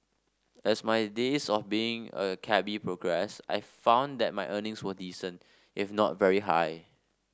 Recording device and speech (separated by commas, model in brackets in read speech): standing microphone (AKG C214), read sentence